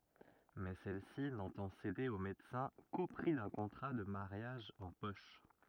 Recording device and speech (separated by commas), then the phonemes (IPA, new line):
rigid in-ear microphone, read sentence
mɛ sɛl si nɑ̃tɑ̃ sede o medəsɛ̃ ko pʁi dœ̃ kɔ̃tʁa də maʁjaʒ ɑ̃ pɔʃ